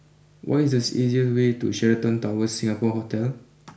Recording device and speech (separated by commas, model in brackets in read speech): boundary microphone (BM630), read sentence